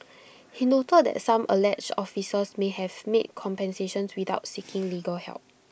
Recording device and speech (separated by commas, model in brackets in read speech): boundary microphone (BM630), read sentence